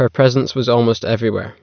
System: none